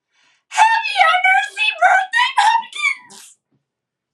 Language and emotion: English, sad